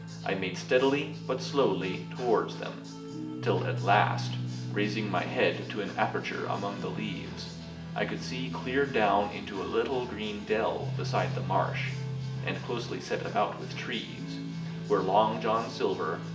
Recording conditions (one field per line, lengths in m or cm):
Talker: one person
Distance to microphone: 1.8 m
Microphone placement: close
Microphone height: 1.0 m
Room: large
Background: music